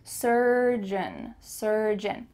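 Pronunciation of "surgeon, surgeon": The end of 'surgeon' is an 'un' sound that is kind of swallowed.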